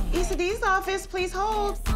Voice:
high-pitched